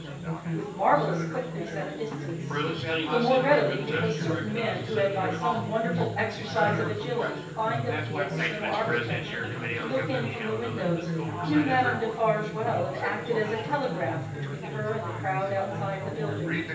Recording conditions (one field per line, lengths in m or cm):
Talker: one person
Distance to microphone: 9.8 m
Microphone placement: far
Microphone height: 1.8 m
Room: large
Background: babble